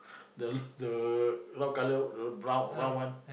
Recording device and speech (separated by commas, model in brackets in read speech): boundary microphone, conversation in the same room